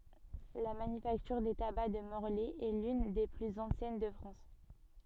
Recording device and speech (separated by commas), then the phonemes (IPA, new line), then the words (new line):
soft in-ear microphone, read sentence
la manyfaktyʁ de taba də mɔʁlɛ ɛ lyn de plyz ɑ̃sjɛn də fʁɑ̃s
La Manufacture des tabacs de Morlaix est l'une des plus anciennes de France.